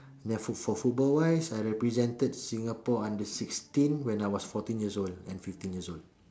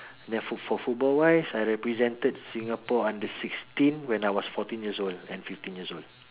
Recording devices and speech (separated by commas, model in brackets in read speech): standing microphone, telephone, conversation in separate rooms